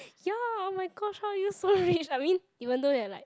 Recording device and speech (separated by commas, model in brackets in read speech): close-talking microphone, conversation in the same room